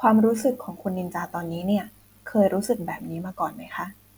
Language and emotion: Thai, neutral